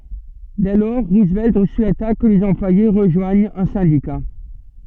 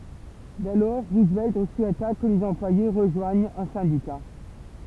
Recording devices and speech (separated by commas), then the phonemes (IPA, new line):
soft in-ear microphone, temple vibration pickup, read sentence
dɛ lɔʁ ʁuzvɛlt suɛta kə lez ɑ̃plwaje ʁəʒwaɲt œ̃ sɛ̃dika